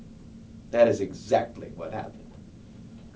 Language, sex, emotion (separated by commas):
English, male, neutral